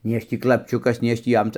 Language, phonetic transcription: Lithuanian, nei ˈaš ˈtį klapˈčiukas nei ˈaš ˈtį ˈjam

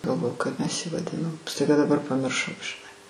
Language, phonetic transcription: Lithuanian, galˈvoju kaip mes ji vaˈdinom staiˈga daˈbar pamirˈšau žiˈnai

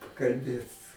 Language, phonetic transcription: Lithuanian, kalˈbėt

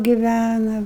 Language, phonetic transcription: Lithuanian, giˈvæna

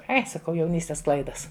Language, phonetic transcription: Lithuanian, ˈai saˈkau jauˈnystes ˈklaidas

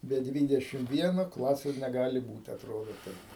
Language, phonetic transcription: Lithuanian, be ˈdvydešim ˈvieno ˈklasės neˈgali ˈbūt atˈrodo ˈtaip

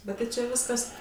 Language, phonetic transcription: Lithuanian, ˈbet tai čia ˈviskas

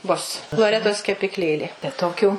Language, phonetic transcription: Lithuanian, bus loˈretos kepikˈlėlė tai toˈkių

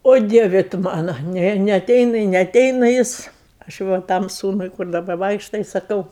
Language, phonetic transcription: Lithuanian, o ˈdieve tu ˈmano ˈne neaˈteina i neaˈteina ˈjis aš ˈva ˈtam ˈsūnui kur daˈba ˈvaikšta i saˈkau

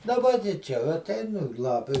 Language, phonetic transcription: Lithuanian, daˈba ti ˈčia va aˈtein u ˈlapi

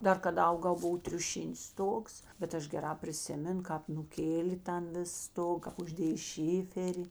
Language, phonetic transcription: Lithuanian, ˈdar kaˈda ˈaugau ˈbuvo triuˈšinis ˈstogs bet ˈaš geˈrā priˈsimen ˈkāp nuˈkėlė ˈtan ˈvis ˈstog kap užˈdėjė ˈšiferi

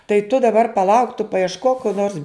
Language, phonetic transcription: Lithuanian, tai tu daˈbar paˈlauk tu paiešˈkok ko nors

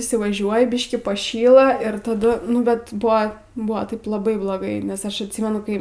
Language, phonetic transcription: Lithuanian, įsivaˈžiuoji ˈbiškį paˈšyla ir taˈdu ˈnu bet ˈbuvo ˈbuvo ˈtaip laˈbai bloˈgai nes ˈaš atˈsymenu ˈkai

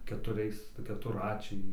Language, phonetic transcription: Lithuanian, ketuˈriais keturˈračiai

